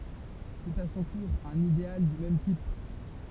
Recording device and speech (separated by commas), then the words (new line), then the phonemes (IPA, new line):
temple vibration pickup, read sentence
C'est à son tour un idéal du même type.
sɛt a sɔ̃ tuʁ œ̃n ideal dy mɛm tip